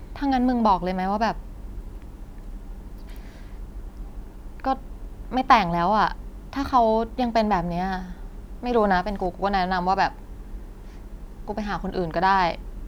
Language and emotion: Thai, frustrated